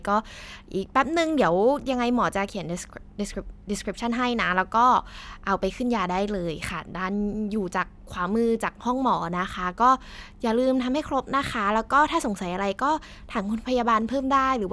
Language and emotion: Thai, happy